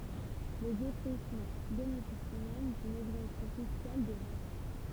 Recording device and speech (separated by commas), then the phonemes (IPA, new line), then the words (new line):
temple vibration pickup, read sentence
le defʁiʃmɑ̃ benefisi mɛm dyn ɛɡzɑ̃psjɔ̃ fiskal də vɛ̃t ɑ̃
Les défrichements bénéficient même d'une exemption fiscale de vingt ans.